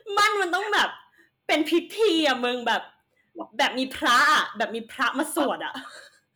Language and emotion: Thai, happy